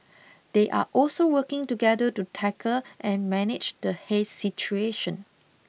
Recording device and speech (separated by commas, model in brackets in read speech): mobile phone (iPhone 6), read sentence